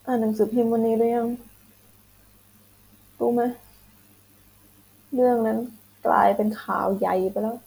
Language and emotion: Thai, frustrated